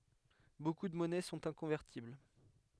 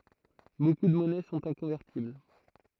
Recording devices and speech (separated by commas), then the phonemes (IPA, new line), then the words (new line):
headset microphone, throat microphone, read sentence
boku də mɔnɛ sɔ̃t ɛ̃kɔ̃vɛʁtibl
Beaucoup de monnaies sont inconvertibles.